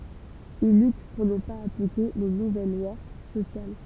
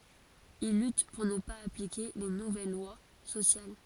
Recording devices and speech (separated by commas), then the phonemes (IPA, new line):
temple vibration pickup, forehead accelerometer, read sentence
il lyt puʁ nə paz aplike le nuvɛl lwa sosjal